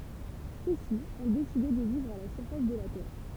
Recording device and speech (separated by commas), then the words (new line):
temple vibration pickup, read sentence
Ceux-ci ont décidé de vivre à la surface de la Terre.